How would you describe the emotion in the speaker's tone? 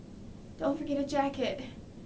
neutral